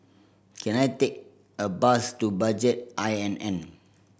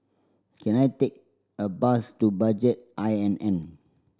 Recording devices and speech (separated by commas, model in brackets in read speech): boundary microphone (BM630), standing microphone (AKG C214), read sentence